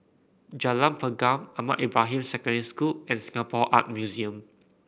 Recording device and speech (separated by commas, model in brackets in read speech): boundary microphone (BM630), read sentence